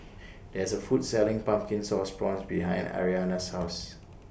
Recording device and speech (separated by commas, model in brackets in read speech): boundary microphone (BM630), read sentence